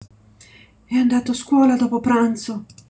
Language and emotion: Italian, fearful